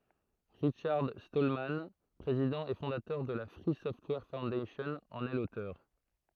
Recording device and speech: throat microphone, read sentence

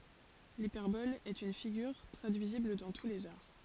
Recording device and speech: forehead accelerometer, read sentence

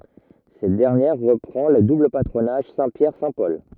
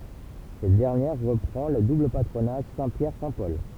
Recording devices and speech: rigid in-ear microphone, temple vibration pickup, read sentence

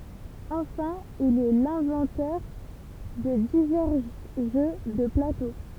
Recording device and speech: temple vibration pickup, read sentence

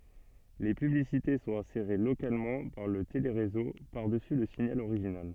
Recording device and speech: soft in-ear microphone, read sentence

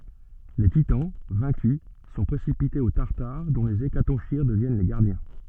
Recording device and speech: soft in-ear microphone, read sentence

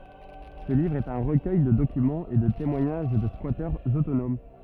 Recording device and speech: rigid in-ear microphone, read sentence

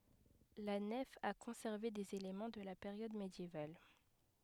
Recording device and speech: headset microphone, read sentence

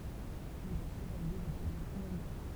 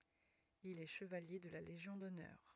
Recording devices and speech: temple vibration pickup, rigid in-ear microphone, read sentence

